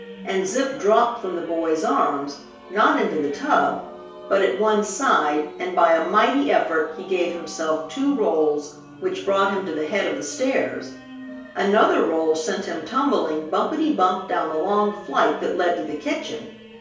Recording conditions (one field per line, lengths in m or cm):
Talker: one person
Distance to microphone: 3.0 m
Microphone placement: far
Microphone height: 1.8 m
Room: small (3.7 m by 2.7 m)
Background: music